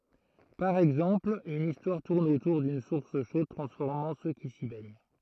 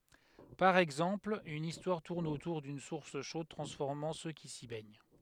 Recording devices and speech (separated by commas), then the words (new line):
throat microphone, headset microphone, read sentence
Par exemple, une histoire tourne autour d'une source chaude transformant ceux qui s'y baignent.